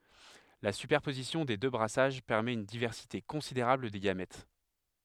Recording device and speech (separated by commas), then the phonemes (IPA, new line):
headset microphone, read sentence
la sypɛʁpozisjɔ̃ de dø bʁasaʒ pɛʁmɛt yn divɛʁsite kɔ̃sideʁabl de ɡamɛt